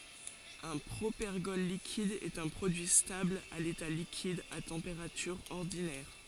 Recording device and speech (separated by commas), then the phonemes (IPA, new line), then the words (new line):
forehead accelerometer, read sentence
œ̃ pʁopɛʁɡɔl likid ɛt œ̃ pʁodyi stabl a leta likid a tɑ̃peʁatyʁ ɔʁdinɛʁ
Un propergol liquide est un produit stable à l'état liquide à température ordinaire.